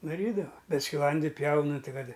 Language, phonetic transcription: Lithuanian, daˈrydava ˈbet skiˈlandi ˈpjaunɨ ˈti ˈkad

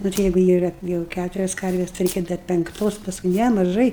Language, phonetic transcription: Lithuanian, ˈnu tai ˈjegu ˈyra ˈjau ˈkæturias ˈkarvės tai ˈreikia dar penkˈtos pasˈkui ˈne maˈžai

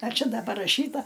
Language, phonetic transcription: Lithuanian, ar ˈčia ˈda paraˈšyta

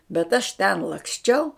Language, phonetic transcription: Lithuanian, bet aš ˈten laksˈčiau

